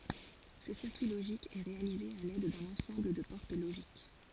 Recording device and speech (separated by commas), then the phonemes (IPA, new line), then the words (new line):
forehead accelerometer, read sentence
sə siʁkyi loʒik ɛ ʁealize a lɛd dœ̃n ɑ̃sɑ̃bl də pɔʁt loʒik
Ce circuit logique est réalisé à l'aide d'un ensemble de portes logiques.